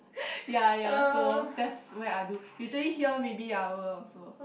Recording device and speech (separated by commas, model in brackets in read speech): boundary microphone, conversation in the same room